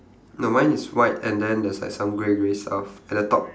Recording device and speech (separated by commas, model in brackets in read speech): standing microphone, conversation in separate rooms